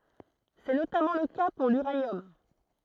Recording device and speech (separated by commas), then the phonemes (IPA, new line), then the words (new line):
throat microphone, read sentence
sɛ notamɑ̃ lə ka puʁ lyʁanjɔm
C'est notamment le cas pour l'uranium.